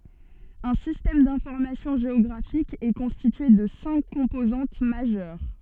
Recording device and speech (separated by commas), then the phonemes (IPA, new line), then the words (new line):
soft in-ear microphone, read sentence
œ̃ sistɛm dɛ̃fɔʁmasjɔ̃ ʒeɔɡʁafik ɛ kɔ̃stitye də sɛ̃k kɔ̃pozɑ̃t maʒœʁ
Un système d'information géographique est constitué de cinq composantes majeures.